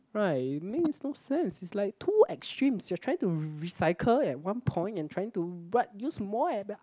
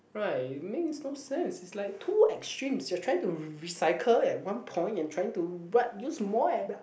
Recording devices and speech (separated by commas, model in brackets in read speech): close-talking microphone, boundary microphone, conversation in the same room